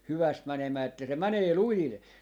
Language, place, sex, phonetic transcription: Finnish, Jaala, male, 'hyväst 'mänemää että se 'mänee "lujil .
- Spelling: hyvästi menemään että se menee lujille

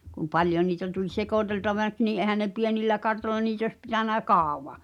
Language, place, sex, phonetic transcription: Finnish, Pihtipudas, female, kum 'paljon̆ niitä tuĺ "sekòtelta͕vä̳ks nii '’èhän ne "pienillä 'kartolla 'niit ‿òś pitänä "kàuva .
- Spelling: kun paljon niitä tuli sekoiteltavaksi niin eihän ne pienillä kartoilla niitä olisi pitänyt kauan

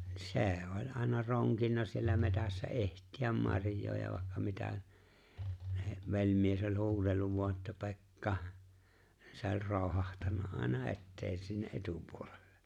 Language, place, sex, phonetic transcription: Finnish, Lapinlahti, male, se̬e̬ oĺ̀ ’àena 'roŋkinna siellä 'metässä '’e̬ht̀iäm 'maŕj̀oo ja vàekka 'mitä , (ne) 'veĺ̀mies oĺ̀ 'huuwelluv vo̭a että » "Pe̬k"ka « , se ‿o͕ĺ̀ 'rooᵘhahtanna '’àena "e̬ttee sinne "’e̬tupuolellᴇ .
- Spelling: se oli aina ronkinut siellä metsässä etsiä marjaa ja vaikka mitä niin velimies oli huudellut vain että Pekka se oli roihahtanut aina eteen sinne etupuolelle

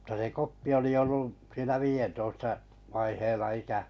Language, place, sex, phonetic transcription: Finnish, Kalajoki, male, ᵐta se "Koppi oli ollu’ , siinä 'viijentoista , 'vaiheilla 'ikä ,.
- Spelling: mutta se Koppi oli ollut siinä viidentoista vaiheilla ikä

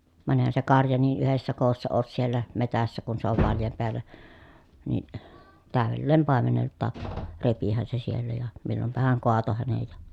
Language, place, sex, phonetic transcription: Finnish, Pielisjärvi, female, van èⁱhän se karja nii ʼyhessä koossa oos siellä , metässä kun se ov valjam peäl̀ä , ni , tä̀övelleem pàemenelttaak , repihän se siellä ja , millompahaŋ koato hänej ja ,.
- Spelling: vaan eihän se karja niin yhdessä koossa ole siellä metsässä kun se on vallan päällä niin täydelleen paimeneltakin repihän se siellä ja milloinpahan kaatoi hänen ja

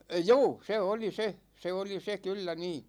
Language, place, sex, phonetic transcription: Finnish, Ikaalinen, male, juu , 'se 'oli 'se , 'se 'oli 'se 'kyllä 'nii .
- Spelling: juu se oli se se oli se kyllä niin

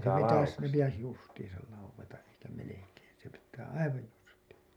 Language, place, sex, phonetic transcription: Finnish, Hailuoto, male, se pitäs , ne pitäs "justiisal lauweta’ ’eikä 'melekeen̬ , se pittää "aivaj 'justiiN .
- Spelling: se pitäisi ne pitäisi justiinsa laueta eikä melkein se pitää aivan justiinsa

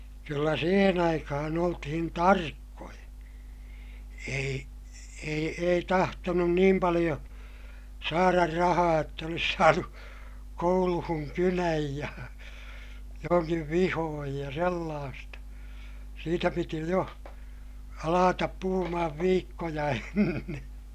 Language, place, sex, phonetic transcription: Finnish, Ilmajoki, male, kyllä siihen ‿aikahan ‿oltihin tarkkoja , ei , ei ei tahtonun niim paliʲo , saarar rahaa jott ‿olis saanu , kouluhuŋ kynäj ja , joŋkiv vihooj ja sellaasta , siitä piti jo , alaatap puhumahav viikkoja enne .
- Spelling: kyllä siihen aikaan oltiin tarkkoja ei ei ei tahtonut niin paljon saada rahaa jotta olisi saanut kouluun kynän ja jonkin vihon ja sellaista siitä piti jo alkaa puhumaan viikkoja ennen

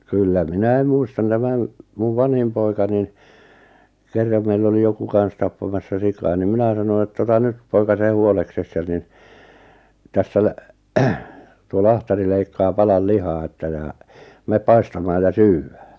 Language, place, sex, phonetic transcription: Finnish, Lappajärvi, male, 'kyllä "minäi muistan 'tämän , 'muv "vanhim poika nin , 'kerram meill ‿oli 'joku 'kan̬s tappamassa 'sikaa nim 'minä sano ett‿ » ota 'nyt , poika 'se 'huolekses ja nin , 'tässä 'lä- , 'tuo "lahtari leikkaa 'palal "lihaa että ja , 'meep "paistamaaj ja "syywwᴀ̈ᴀ̈ « .
- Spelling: kyllä minä muistan tämän minun vanhin poika niin kerran meillä oli joku kanssa tappamassa sikaa niin minä sanoin että ota nyt poika se huoleksesi ja niin tässä - tuo lahtari leikkaa palan lihaa että ja mene paistamaan ja syödään

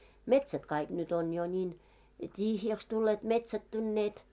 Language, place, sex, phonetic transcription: Finnish, Moloskovitsa, female, metsät 'kaik nyt ‿on jo ńiin , "t́ihjäks tulleet 'metsättynneet .
- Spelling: metsät kaikki nyt on jo niin tyhjäksi tulleet metsättyneet

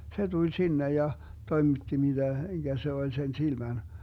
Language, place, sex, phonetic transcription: Finnish, Vermlanti, male, 'se 'tuĺ "sinnej ja , 'toimitti 'miDä , [m]iGä se 'oĺ sen 'silmän .
- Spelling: se tuli sinne ja toimitti mitä mikä se oli sen silmän

